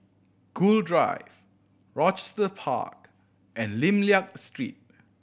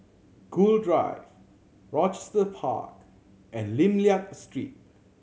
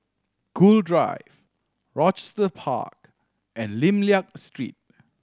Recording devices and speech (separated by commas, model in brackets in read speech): boundary microphone (BM630), mobile phone (Samsung C7100), standing microphone (AKG C214), read sentence